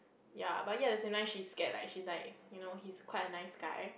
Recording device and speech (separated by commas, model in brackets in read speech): boundary microphone, conversation in the same room